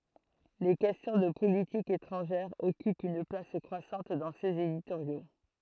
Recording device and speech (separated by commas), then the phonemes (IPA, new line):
throat microphone, read sentence
le kɛstjɔ̃ də politik etʁɑ̃ʒɛʁ ɔkypt yn plas kʁwasɑ̃t dɑ̃ sez editoʁjo